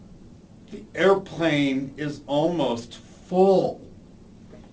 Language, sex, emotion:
English
male
neutral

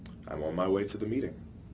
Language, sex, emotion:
English
male
neutral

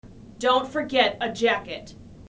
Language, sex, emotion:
English
female
angry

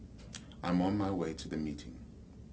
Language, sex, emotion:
English
male
neutral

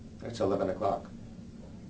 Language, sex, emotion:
English
male
neutral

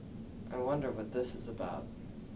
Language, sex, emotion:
English
male
neutral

